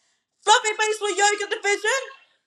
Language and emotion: English, angry